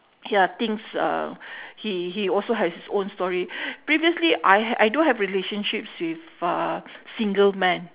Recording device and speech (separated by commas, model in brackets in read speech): telephone, conversation in separate rooms